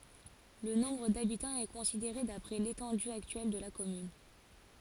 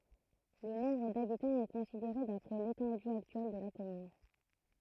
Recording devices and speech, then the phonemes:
forehead accelerometer, throat microphone, read sentence
lə nɔ̃bʁ dabitɑ̃z ɛ kɔ̃sideʁe dapʁɛ letɑ̃dy aktyɛl də la kɔmyn

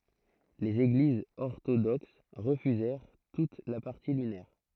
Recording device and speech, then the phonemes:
throat microphone, read sentence
lez eɡlizz ɔʁtodoks ʁəfyzɛʁ tut la paʁti lynɛʁ

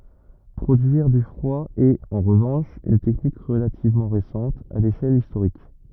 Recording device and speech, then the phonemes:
rigid in-ear microphone, read sentence
pʁodyiʁ dy fʁwa ɛt ɑ̃ ʁəvɑ̃ʃ yn tɛknik ʁəlativmɑ̃ ʁesɑ̃t a leʃɛl istoʁik

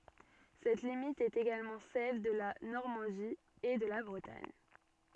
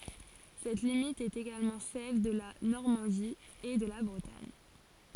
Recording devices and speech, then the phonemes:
soft in-ear microphone, forehead accelerometer, read sentence
sɛt limit ɛt eɡalmɑ̃ sɛl də la nɔʁmɑ̃di e də la bʁətaɲ

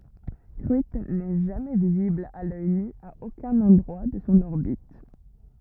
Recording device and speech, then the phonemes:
rigid in-ear microphone, read sentence
kʁyitn nɛ ʒamɛ vizibl a lœj ny a okœ̃n ɑ̃dʁwa də sɔ̃ ɔʁbit

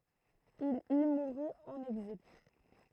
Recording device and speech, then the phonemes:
throat microphone, read sentence
il i muʁy ɑ̃n ɛɡzil

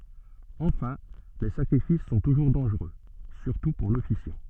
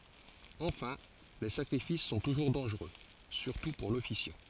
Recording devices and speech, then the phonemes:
soft in-ear microphone, forehead accelerometer, read sentence
ɑ̃fɛ̃ le sakʁifis sɔ̃ tuʒuʁ dɑ̃ʒʁø syʁtu puʁ lɔfisjɑ̃

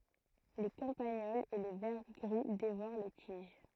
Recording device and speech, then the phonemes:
throat microphone, read sentence
le kɑ̃paɲɔlz e le vɛʁ ɡʁi devoʁ le tiʒ

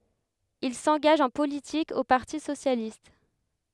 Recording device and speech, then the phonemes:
headset microphone, read sentence
il sɑ̃ɡaʒ ɑ̃ politik o paʁti sosjalist

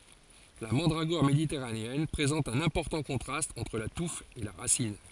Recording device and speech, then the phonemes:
forehead accelerometer, read sentence
la mɑ̃dʁaɡɔʁ meditɛʁaneɛn pʁezɑ̃t œ̃n ɛ̃pɔʁtɑ̃ kɔ̃tʁast ɑ̃tʁ la tuf e la ʁasin

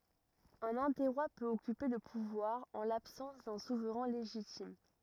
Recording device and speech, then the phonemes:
rigid in-ear microphone, read sentence
œ̃n ɛ̃tɛʁwa pøt ɔkype lə puvwaʁ ɑ̃ labsɑ̃s dœ̃ suvʁɛ̃ leʒitim

